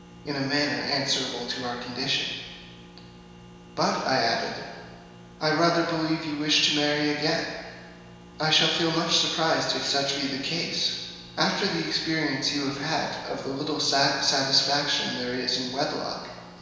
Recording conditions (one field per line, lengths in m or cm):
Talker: one person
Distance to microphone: 1.7 m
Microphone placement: close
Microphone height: 1.0 m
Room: very reverberant, large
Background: none